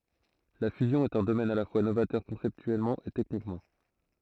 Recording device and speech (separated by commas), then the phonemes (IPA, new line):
throat microphone, read sentence
la fyzjɔ̃ ɛt œ̃ domɛn a la fwa novatœʁ kɔ̃sɛptyɛlmɑ̃ e tɛknikmɑ̃